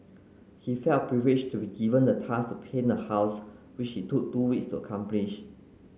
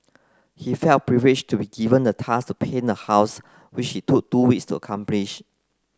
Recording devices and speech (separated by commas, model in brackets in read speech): mobile phone (Samsung C9), close-talking microphone (WH30), read sentence